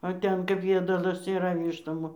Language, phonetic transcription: Lithuanian, o ˈten kap ˈjiedalas yˈra ˈvyštom

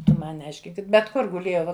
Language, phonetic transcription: Lithuanian, ˈtu ˈman neˈaiškink bet ˈkur guˈlėjau

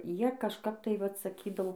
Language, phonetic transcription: Lithuanian, ˈjie kažˈkap tai ˈvat saˈkydau

